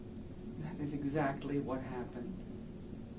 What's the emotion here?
sad